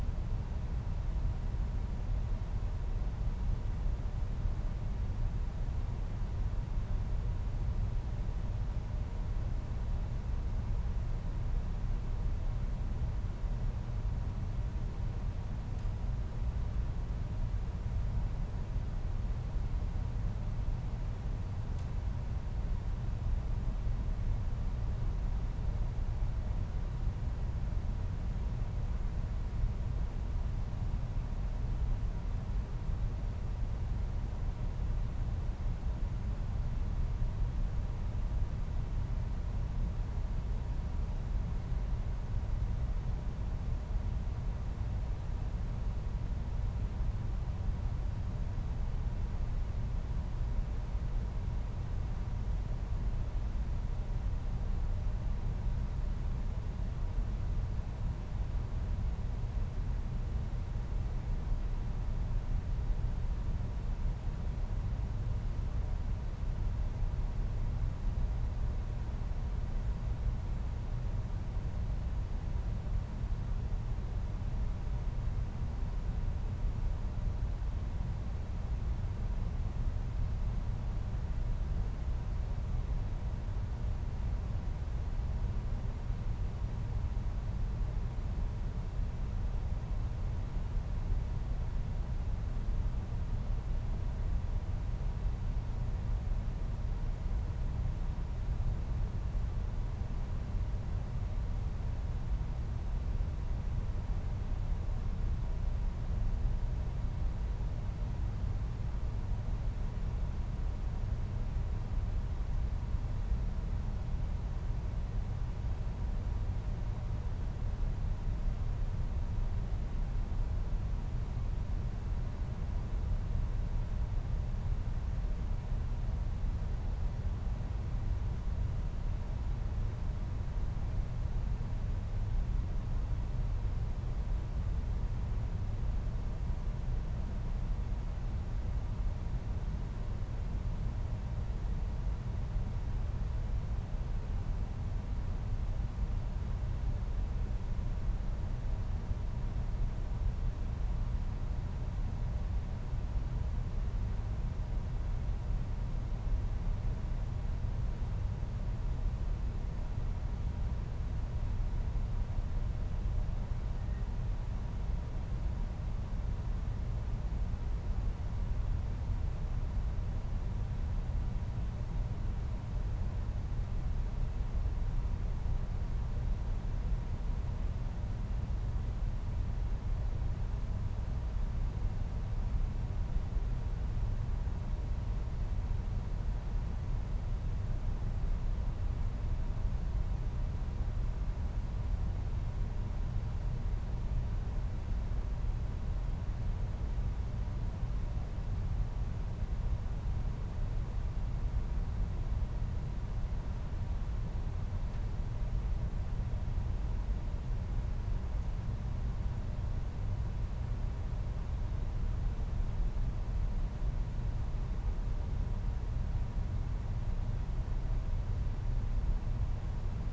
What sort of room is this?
A medium-sized room (about 5.7 m by 4.0 m).